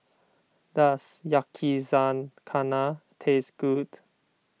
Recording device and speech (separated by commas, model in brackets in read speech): mobile phone (iPhone 6), read sentence